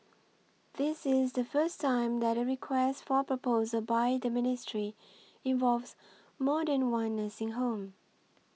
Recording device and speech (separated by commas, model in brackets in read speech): mobile phone (iPhone 6), read sentence